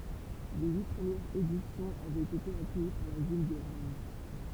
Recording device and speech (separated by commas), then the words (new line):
temple vibration pickup, read sentence
Les huit premières éditions avaient été accueillies par la ville de Rome.